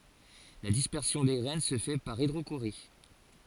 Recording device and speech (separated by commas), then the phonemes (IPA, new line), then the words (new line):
forehead accelerometer, read sentence
la dispɛʁsjɔ̃ de ɡʁɛn sə fɛ paʁ idʁoʃoʁi
La dispersion des graines se fait par hydrochorie.